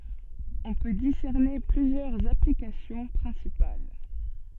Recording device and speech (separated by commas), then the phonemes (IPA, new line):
soft in-ear microphone, read sentence
ɔ̃ pø disɛʁne plyzjœʁz aplikasjɔ̃ pʁɛ̃sipal